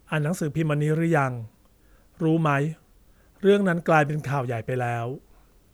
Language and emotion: Thai, neutral